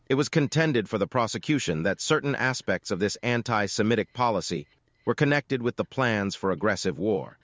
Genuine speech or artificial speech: artificial